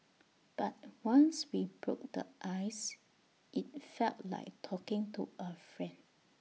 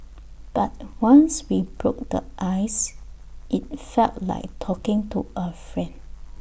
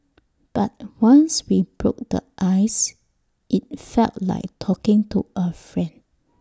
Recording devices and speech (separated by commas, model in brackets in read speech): mobile phone (iPhone 6), boundary microphone (BM630), standing microphone (AKG C214), read sentence